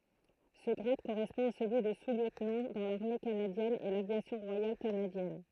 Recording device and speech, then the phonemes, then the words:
throat microphone, read sentence
sə ɡʁad koʁɛspɔ̃ a səlyi də susljøtnɑ̃ dɑ̃ laʁme kanadjɛn e lavjasjɔ̃ ʁwajal kanadjɛn
Ce grade correspond à celui de sous-lieutenant dans l'Armée canadienne et l'Aviation royale canadienne.

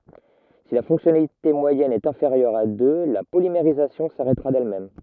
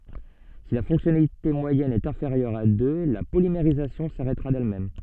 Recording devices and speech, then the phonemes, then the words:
rigid in-ear microphone, soft in-ear microphone, read sentence
si la fɔ̃ksjɔnalite mwajɛn ɛt ɛ̃feʁjœʁ a dø la polimeʁizasjɔ̃ saʁɛtʁa dɛlmɛm
Si la fonctionnalité moyenne est inférieure à deux, la polymérisation s'arrêtera d'elle-même.

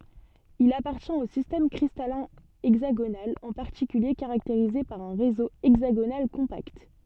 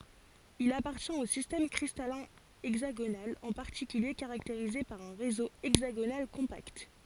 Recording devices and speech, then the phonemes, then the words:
soft in-ear microphone, forehead accelerometer, read sentence
il apaʁtjɛ̃t o sistɛm kʁistalɛ̃ ɛɡzaɡonal ɑ̃ paʁtikylje kaʁakteʁize paʁ œ̃ ʁezo ɛɡzaɡonal kɔ̃pakt
Il appartient au système cristallin hexagonal, en particulier caractérisé par un réseau hexagonal compact.

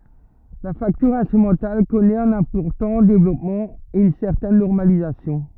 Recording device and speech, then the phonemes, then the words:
rigid in-ear microphone, read sentence
la faktyʁ ɛ̃stʁymɑ̃tal kɔnɛt œ̃n ɛ̃pɔʁtɑ̃ devlɔpmɑ̃ e yn sɛʁtɛn nɔʁmalizasjɔ̃
La facture instrumentale connaît un important développement et une certaine normalisation.

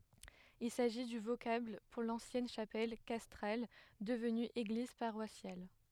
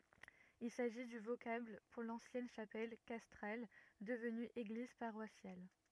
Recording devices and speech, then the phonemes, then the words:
headset microphone, rigid in-ear microphone, read sentence
il saʒi dy vokabl puʁ lɑ̃sjɛn ʃapɛl kastʁal dəvny eɡliz paʁwasjal
Il s'agit du vocable pour l'ancienne chapelle castrale devenue église paroissiale.

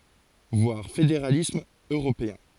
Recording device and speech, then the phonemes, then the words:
forehead accelerometer, read sentence
vwaʁ fedeʁalism øʁopeɛ̃
Voir Fédéralisme européen.

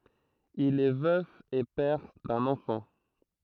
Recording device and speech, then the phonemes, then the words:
throat microphone, read sentence
il ɛ vœf e pɛʁ dœ̃n ɑ̃fɑ̃
Il est veuf et père d'un enfant.

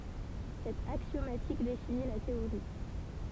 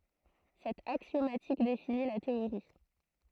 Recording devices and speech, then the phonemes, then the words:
temple vibration pickup, throat microphone, read sentence
sɛt aksjomatik defini la teoʁi
Cette axiomatique définit la théorie.

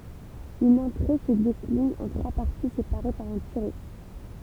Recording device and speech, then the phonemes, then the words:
temple vibration pickup, read sentence
yn ɑ̃tʁe sə deklin ɑ̃ tʁwa paʁti sepaʁe paʁ œ̃ tiʁɛ
Une entrée se décline en trois parties séparées par un tiret.

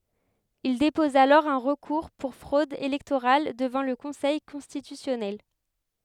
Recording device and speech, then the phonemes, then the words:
headset microphone, read sentence
il depɔz alɔʁ œ̃ ʁəkuʁ puʁ fʁod elɛktoʁal dəvɑ̃ lə kɔ̃sɛj kɔ̃stitysjɔnɛl
Il dépose alors un recours pour fraude électorale devant le conseil constitutionnel.

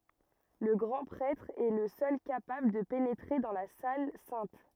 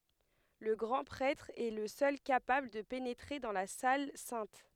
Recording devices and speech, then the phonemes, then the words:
rigid in-ear microphone, headset microphone, read sentence
lə ɡʁɑ̃ pʁɛtʁ ɛ lə sœl kapabl də penetʁe dɑ̃ la sal sɛ̃t
Le grand prêtre est le seul capable de pénétrer dans la salle sainte.

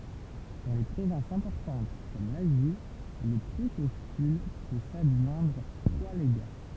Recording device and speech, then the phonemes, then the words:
temple vibration pickup, read sentence
dɑ̃ le pʁovɛ̃sz ɛ̃pɔʁtɑ̃t kɔm lazi lə pʁokɔ̃syl pø sadʒwɛ̃dʁ tʁwa leɡa
Dans les provinces importantes comme l'Asie, le proconsul peut s'adjoindre trois légats.

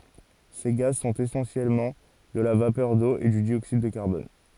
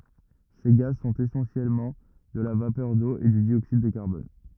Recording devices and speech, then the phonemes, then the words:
forehead accelerometer, rigid in-ear microphone, read sentence
se ɡaz sɔ̃t esɑ̃sjɛlmɑ̃ də la vapœʁ do e dy djoksid də kaʁbɔn
Ces gaz sont essentiellement de la vapeur d'eau et du dioxyde de carbone.

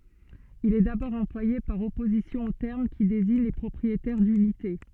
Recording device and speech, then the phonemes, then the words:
soft in-ear microphone, read sentence
il ɛ dabɔʁ ɑ̃plwaje paʁ ɔpozisjɔ̃ o tɛʁm ki deziɲ le pʁɔpʁietɛʁ dynite
Il est d'abord employé par opposition au terme qui désigne les propriétaires d'unités.

